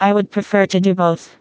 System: TTS, vocoder